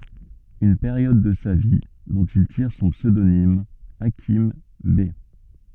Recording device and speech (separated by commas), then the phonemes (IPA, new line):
soft in-ear microphone, read sentence
yn peʁjɔd də sa vi dɔ̃t il tiʁ sɔ̃ psødonim akim bɛ